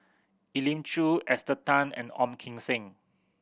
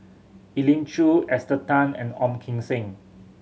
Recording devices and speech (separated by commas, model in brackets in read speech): boundary microphone (BM630), mobile phone (Samsung C7100), read sentence